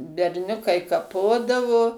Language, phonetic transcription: Lithuanian, berˈniukai kaˈpodavo

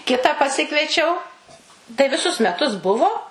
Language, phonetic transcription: Lithuanian, ˈkitą paˈsikviečiau tai viˈsus meˈtus ˈbuvo

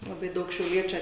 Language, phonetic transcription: Lithuanian, laˈbai ˈdaug šiauˈliečiu

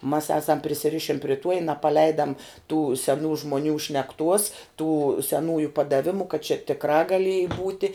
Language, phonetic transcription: Lithuanian, mas ˈasam prisiˈrišin pri ˈtuo i napaˈleidam tų seˈnų žmoˈnių šnekˈtuos tų seˈnųju padaˈvimu kad čia tikˈrā gaˈlieji ˈbūti

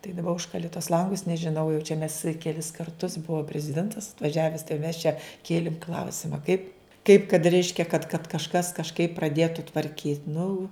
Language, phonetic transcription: Lithuanian, tai daˈba ˈužkali tuos ˈlangus nežiˈnau jau čia mes keˈlis karˈtus ˈbuvo preziˈdentas atvaˈžiaves tai jau mes čia ˈkėlim ˈklausima kaip kaip kad ˈreiškia kad kad kažˈkas kažˈkaip praˈdietu tvarˈkyt' nu

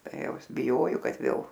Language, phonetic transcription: Lithuanian, ˈtai ˈjau ˈis biˈjojo ˈkad ˈvėl

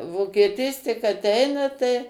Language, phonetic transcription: Lithuanian, vokieˈtys tik aˈteina tai

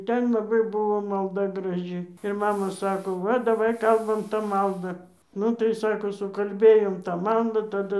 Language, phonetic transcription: Lithuanian, ˈten laˈbai ˈbuvo malˈda graˈži ir ˈmama ˈsako ˈva daˈvai ˈkalbam tą ˈmaldą ˈnu tai ˈsako sukalˈbėjom tą ˈmaldą taˈdu

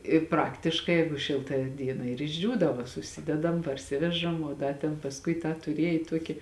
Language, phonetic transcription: Lithuanian, i ˈpraktiškai ˈjeigu ˈšilta ˈdiena ir išˈdžiūdavo suˈsidedam parˈsivežam o ˈda ten pasˈkui tą tuˈriej ˈtuoki

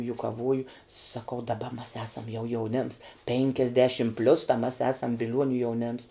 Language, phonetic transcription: Lithuanian, jukaˈvuoju saˈkau daˈba mas ˈasam jau jauˈnėms ˈpėnkiasdešim plius ta mes ˈesam biˈliuoniu jauˈnėms

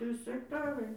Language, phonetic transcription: Lithuanian, ˈtrys ekˈtarai

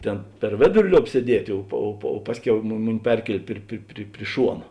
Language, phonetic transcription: Lithuanian, ˈtėn per ˈvėduri ˈliob sieˈdietė ˈo po o po ˈpasˌkiau mu ˈmuˌni ˈperkielė ˈpri pri pri ˈšuona

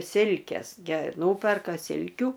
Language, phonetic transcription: Lithuanian, ˈsilkės ge ˈnūperka ˈsilkių

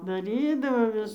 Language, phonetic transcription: Lithuanian, daˈrydavo ˈvis

